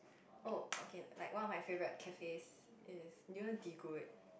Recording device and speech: boundary microphone, conversation in the same room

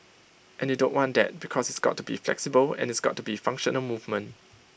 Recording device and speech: boundary microphone (BM630), read sentence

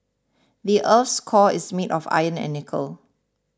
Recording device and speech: standing microphone (AKG C214), read sentence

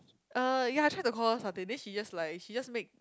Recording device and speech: close-talking microphone, conversation in the same room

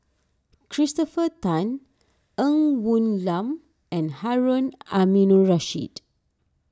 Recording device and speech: standing microphone (AKG C214), read sentence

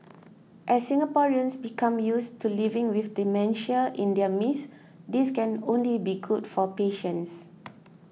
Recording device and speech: mobile phone (iPhone 6), read sentence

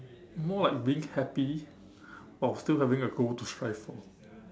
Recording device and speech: standing microphone, conversation in separate rooms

